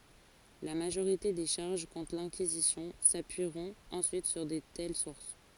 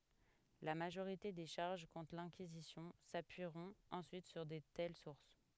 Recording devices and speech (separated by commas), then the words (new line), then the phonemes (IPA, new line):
forehead accelerometer, headset microphone, read sentence
La majorité des charges contre l'Inquisition s'appuieront ensuite sur de telles sources.
la maʒoʁite de ʃaʁʒ kɔ̃tʁ lɛ̃kizisjɔ̃ sapyiʁɔ̃t ɑ̃syit syʁ də tɛl suʁs